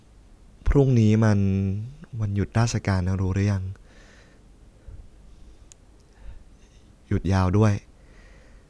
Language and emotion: Thai, frustrated